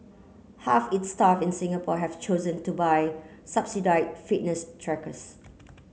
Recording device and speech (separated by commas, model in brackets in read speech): mobile phone (Samsung C9), read sentence